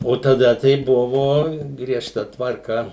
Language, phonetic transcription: Lithuanian, o taˈda tai ˈbuvo griežˈta tvarˈka

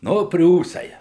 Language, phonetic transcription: Lithuanian, ˈnu ˈpriūsai

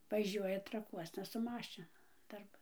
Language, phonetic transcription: Lithuanian, vaˈžiuoja traˈkuosna su ˈmašinu darˈban

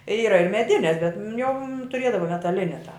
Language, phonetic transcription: Lithuanian, ˈyra ir meˈdines bet ˈjau tuˈrėdavo metaˈline tą

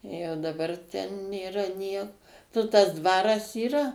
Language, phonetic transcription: Lithuanian, jau daˈbar ten nėˈra niek nu tas ˈdvaras yˈra

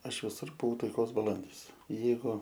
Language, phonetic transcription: Lithuanian, ˈaš viˈsur buˈvau taiˈkos baˈlandys ˈjeigu

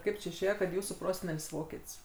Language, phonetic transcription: Lithuanian, ˈkaip či išˈėje kad ˈjūsų ˈprosenel's' ˈvoket's'

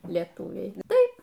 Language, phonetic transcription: Lithuanian, lieˈtūviai ˈtaip

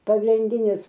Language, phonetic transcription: Lithuanian, pagrinˈdinis

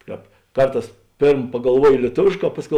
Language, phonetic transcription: Lithuanian, ˈkāp ˈkarˌtās ˈpėrm pagalˈvuojo lieˈtovėšˌkā ˈpasˌkiau

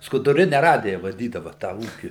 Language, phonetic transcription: Lithuanian, skuduˈrine ˈradija vaˈdydava tą ˈūki

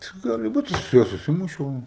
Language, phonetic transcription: Lithuanian, tai ˈgali ˈbūt ˈaš su ˈjuo suˈsimušiau

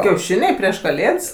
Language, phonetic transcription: Lithuanian, kiauˈšiniai prieš kaˈlėds

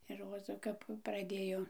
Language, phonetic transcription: Lithuanian, ir ˈroza kap praˈdėjo

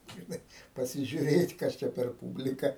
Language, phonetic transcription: Lithuanian, žiˈnai pasižiuˈrėt' ˈkas čia per ˈpūblika

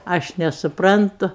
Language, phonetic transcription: Lithuanian, ˈaš nesuˈprantu

